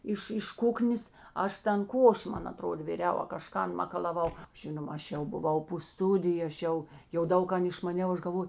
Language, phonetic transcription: Lithuanian, ˈiš iš ˈkuknės ˈaš ˈtan ˈkoši ˈman aˈtroda viˈriau a kaˈžkan makalaˈvau ˈžinoma ˈaš jau buˈvau po ˈstudiju aš ˈjau jau ˈdaug ˈkan išmaˈniau ˈaš galˈvoj

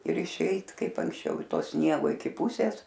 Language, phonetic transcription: Lithuanian, ir išˈeit ˈkaip anksˈčiau i ˈto ˈsniego iki ˈpusės

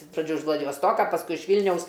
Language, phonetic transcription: Lithuanian, iš praˈdžių iš vladivosˈtoka pasˈkui iš ˈvylniaus

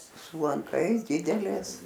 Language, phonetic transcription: Lithuanian, su lanˈkais ˈdidelės

